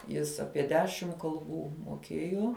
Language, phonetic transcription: Lithuanian, ˈjis ˈapie ˈdešim kalˈbų moˈkėjo

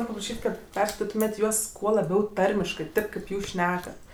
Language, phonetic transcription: Lithuanian, ˈnor' papraˈšyt' ˈkad ˈperskaititumėt' ˈjuos ˈkuo laˈbiau ˈtarmiškɜ ˈtėp kėp ˈjūs ˈšnekat

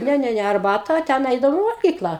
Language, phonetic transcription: Lithuanian, ˈne ˈne ˈne arˈbata ˈten ˈeidavom i valˈgykla

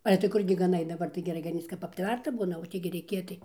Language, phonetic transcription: Lithuanian, ˈale tai ˈkurgi gaˈnai daˈbar tai geˈrai gaˈnyc kap apˈtverta ˈbūna o ˈtį gi reiˈkė tai

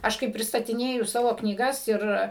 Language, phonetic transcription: Lithuanian, ˈaš kai pristatiˈnėju ˈsavo knyˈgas ir

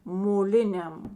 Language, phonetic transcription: Lithuanian, moˈliniam

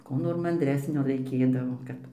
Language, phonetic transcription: Lithuanian, ˈkų nor manˈdresnio raiˈkėdavo ˈkad

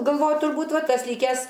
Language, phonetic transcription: Lithuanian, galˈvoju turˈbūt ˈva ˈtas ˈlykes

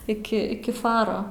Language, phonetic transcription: Lithuanian, iki ˈiki ˈfaro

